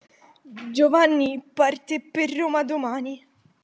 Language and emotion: Italian, fearful